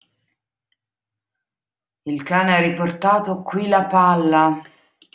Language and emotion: Italian, disgusted